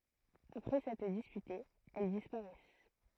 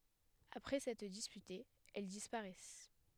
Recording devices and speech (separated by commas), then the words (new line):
throat microphone, headset microphone, read sentence
Après s'être disputées, elles disparaissent.